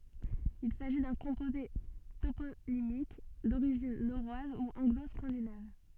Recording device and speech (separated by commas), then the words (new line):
soft in-ear microphone, read sentence
Il s'agit d'un composé toponymique d'origine norroise ou anglo-scandinave.